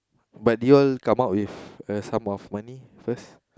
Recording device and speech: close-talking microphone, conversation in the same room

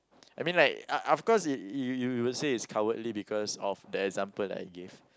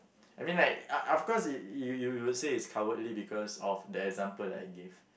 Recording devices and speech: close-talking microphone, boundary microphone, conversation in the same room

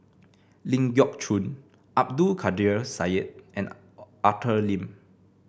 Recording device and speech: boundary microphone (BM630), read sentence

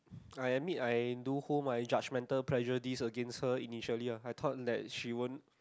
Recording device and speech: close-talking microphone, conversation in the same room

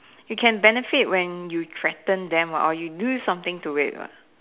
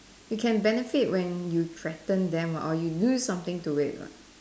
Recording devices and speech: telephone, standing microphone, conversation in separate rooms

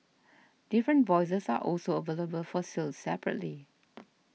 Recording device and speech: mobile phone (iPhone 6), read sentence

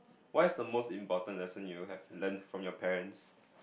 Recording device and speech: boundary microphone, conversation in the same room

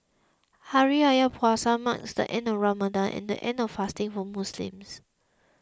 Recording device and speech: close-talking microphone (WH20), read sentence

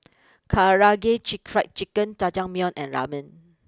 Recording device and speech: close-talking microphone (WH20), read sentence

